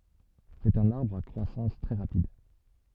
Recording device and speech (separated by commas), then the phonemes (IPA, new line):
soft in-ear microphone, read sentence
sɛt œ̃n aʁbʁ a kʁwasɑ̃s tʁɛ ʁapid